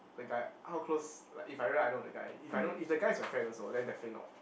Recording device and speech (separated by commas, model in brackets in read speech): boundary microphone, conversation in the same room